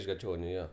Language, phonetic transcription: Lithuanian, iš gaˈčioniu ˈjo

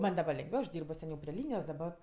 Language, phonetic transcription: Lithuanian, ˈman' daˈba lengˈviau aš ˈdyrbo seˈniau pri ˈlynijos daˈba

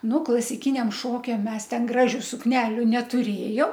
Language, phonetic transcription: Lithuanian, ˈnu klasiˈkiniam ˈšokiam ˈmes ˈten ˈgražiu sukˈneliu netuˈrėjom

